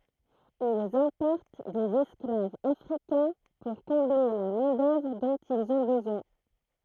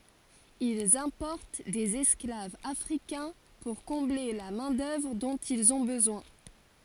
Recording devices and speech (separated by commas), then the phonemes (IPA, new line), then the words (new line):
throat microphone, forehead accelerometer, read sentence
ilz ɛ̃pɔʁt dez ɛsklavz afʁikɛ̃ puʁ kɔ̃ble la mɛ̃ dœvʁ dɔ̃t ilz ɔ̃ bəzwɛ̃
Ils importent des esclaves africains pour combler la main-d'œuvre dont ils ont besoin.